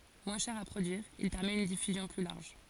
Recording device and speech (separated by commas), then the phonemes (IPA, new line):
forehead accelerometer, read sentence
mwɛ̃ ʃɛʁ a pʁodyiʁ il pɛʁmɛt yn difyzjɔ̃ ply laʁʒ